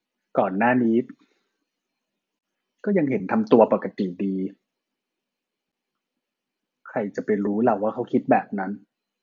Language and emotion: Thai, sad